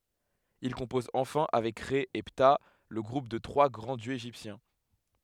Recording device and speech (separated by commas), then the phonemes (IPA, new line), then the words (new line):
headset microphone, read sentence
il kɔ̃pɔz ɑ̃fɛ̃ avɛk ʁɛ e pta lə ɡʁup de tʁwa ɡʁɑ̃ djøz eʒiptjɛ̃
Il compose enfin avec Rê et Ptah le groupe des trois grands dieux égyptiens.